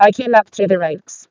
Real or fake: fake